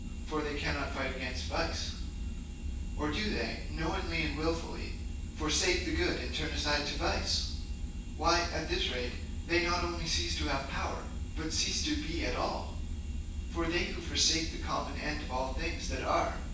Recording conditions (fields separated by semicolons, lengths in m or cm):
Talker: one person; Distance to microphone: 9.8 m; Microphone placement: far; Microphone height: 1.8 m; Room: large; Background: none